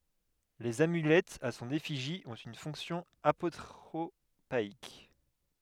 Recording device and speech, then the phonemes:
headset microphone, read sentence
lez amylɛtz a sɔ̃n efiʒi ɔ̃t yn fɔ̃ksjɔ̃ apotʁopaik

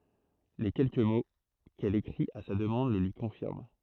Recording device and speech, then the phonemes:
throat microphone, read sentence
le kɛlkə mo kɛl ekʁit a sa dəmɑ̃d lə lyi kɔ̃fiʁm

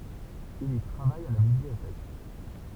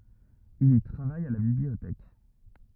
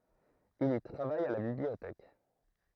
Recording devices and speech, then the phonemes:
temple vibration pickup, rigid in-ear microphone, throat microphone, read sentence
il i tʁavaj a la bibliotɛk

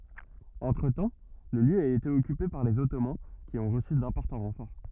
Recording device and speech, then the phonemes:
rigid in-ear microphone, read sentence
ɑ̃tʁətɑ̃ lə ljø a ete ɔkype paʁ lez ɔtoman ki ɔ̃ ʁəsy dɛ̃pɔʁtɑ̃ ʁɑ̃fɔʁ

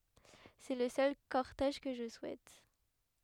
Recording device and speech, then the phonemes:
headset microphone, read sentence
sɛ lə sœl kɔʁtɛʒ kə ʒə suɛt

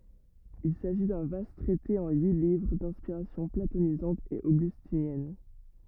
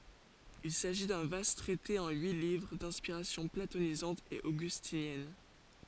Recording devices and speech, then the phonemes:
rigid in-ear microphone, forehead accelerometer, read sentence
il saʒi dœ̃ vast tʁɛte ɑ̃ yi livʁ dɛ̃spiʁasjɔ̃ platonizɑ̃t e oɡystinjɛn

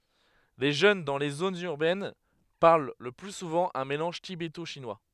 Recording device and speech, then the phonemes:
headset microphone, read sentence
le ʒøn dɑ̃ le zonz yʁbɛn paʁl lə ply suvɑ̃ œ̃ melɑ̃ʒ tibeto ʃinwa

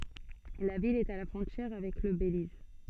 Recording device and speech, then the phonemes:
soft in-ear microphone, read sentence
la vil ɛt a la fʁɔ̃tjɛʁ avɛk lə beliz

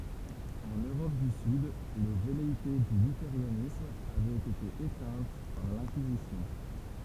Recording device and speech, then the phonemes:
temple vibration pickup, read sentence
ɑ̃n øʁɔp dy syd le vɛleite dy lyteʁanism avɛt ete etɛ̃t paʁ lɛ̃kizisjɔ̃

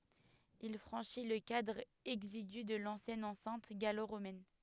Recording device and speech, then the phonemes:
headset microphone, read sentence
il fʁɑ̃ʃi lə kadʁ ɛɡziɡy də lɑ̃sjɛn ɑ̃sɛ̃t ɡalo ʁomɛn

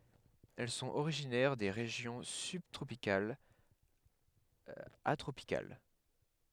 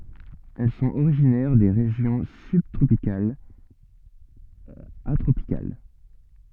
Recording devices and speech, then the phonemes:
headset microphone, soft in-ear microphone, read sentence
ɛl sɔ̃t oʁiʒinɛʁ de ʁeʒjɔ̃ sybtʁopikalz a tʁopikal

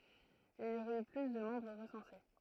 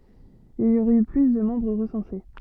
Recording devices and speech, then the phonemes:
throat microphone, soft in-ear microphone, read sentence
il i oʁɛt y ply də mɑ̃bʁ ʁəsɑ̃se

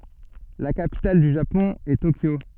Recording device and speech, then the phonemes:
soft in-ear microphone, read sentence
la kapital dy ʒapɔ̃ ɛ tokjo

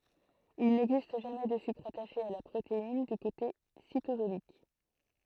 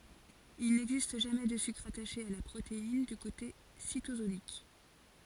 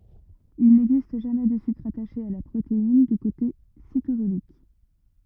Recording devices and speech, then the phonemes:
throat microphone, forehead accelerometer, rigid in-ear microphone, read sentence
il nɛɡzist ʒamɛ də sykʁ ataʃe a la pʁotein dy kote sitozolik

